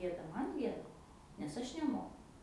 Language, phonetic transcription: Lithuanian, ˈgėda ˈman ˈgieda nes ˈaš neˈmoku

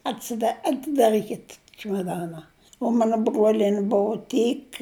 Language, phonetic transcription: Lithuanian, atsiˈda atidaˈrykit čimaˈdana u ˈmana ˈbruolieni ˈbuu ˈtyk

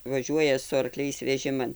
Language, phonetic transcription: Lithuanian, vaˈžiuoja su arˈkliais veˈžiman

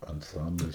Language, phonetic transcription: Lithuanian, anˈcamblis

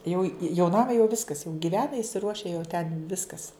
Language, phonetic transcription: Lithuanian, jau jau ˈnama jau ˈviskas jau giˈvena isiˈruoše jau ten ˈviskas

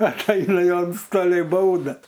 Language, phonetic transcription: Lithuanian, atˈeina ˈjo ˈantstoliai ˈbauda

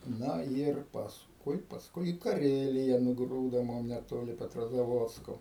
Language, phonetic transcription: Lithuanian, ˈna yr pasˈkui pasˈkui į kaˈrelija nuˈgrūdo ˈmum neˈtoli petrozaˈvodsko

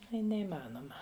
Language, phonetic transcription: Lithuanian, ˈai neįˈmanoma

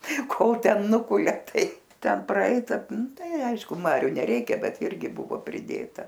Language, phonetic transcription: Lithuanian, ˈkol ˈten ˈnukulia ˈtai ˈten praˈeita ˈnu ˈtai ˈaišku ˈmariu neˈreikia ˈbet ˈirgi ˈbuvo priˈdėta

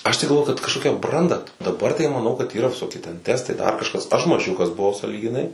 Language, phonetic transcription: Lithuanian, ˈaš tai galˈvoju kad kažˈkokia ˈbranda daˈbar tai maˈnau kad yˈra viˈsoki ten ˈtestai dar kažˈkas aš maˈžiukas buˈvau sąlygiˈnai

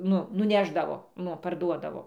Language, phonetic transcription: Lithuanian, ˈnu nuˈnešdavo ˈnu parˈduodavo

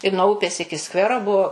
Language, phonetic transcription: Lithuanian, i nuo ˈupės ˈiki ˈskvero ˈbuo

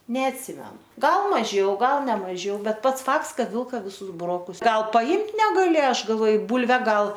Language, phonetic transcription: Lithuanian, neatˈsimenu ˈgal maˈžiau ˈgal ne maˈžiau ˈbet ˈpats ˈfakts ˈkad ˈvilka viˈsus buˈrokus ˈgal paˈimt negaˈlė ˈaš galˈvoj ˈbūlve ˈgal

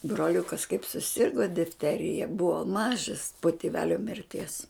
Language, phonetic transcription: Lithuanian, broˈliukas kaip suˈsirgo difˈterija ˈbuvo ˈmažas po tiˈvelio mirˈties

